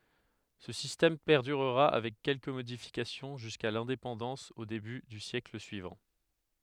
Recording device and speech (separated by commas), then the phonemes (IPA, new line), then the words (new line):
headset microphone, read sentence
sə sistɛm pɛʁdyʁʁa avɛk kɛlkə modifikasjɔ̃ ʒyska lɛ̃depɑ̃dɑ̃s o deby dy sjɛkl syivɑ̃
Ce système perdurera avec quelques modifications jusqu'à l'indépendance au début du siècle suivant.